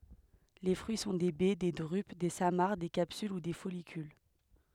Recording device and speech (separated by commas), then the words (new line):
headset microphone, read sentence
Les fruits sont des baies, des drupes, des samares, des capsules ou des follicules.